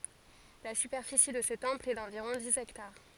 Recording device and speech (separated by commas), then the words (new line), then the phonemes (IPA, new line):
forehead accelerometer, read sentence
La superficie de ce temple est d'environ dix hectares.
la sypɛʁfisi də sə tɑ̃pl ɛ dɑ̃viʁɔ̃ diz ɛktaʁ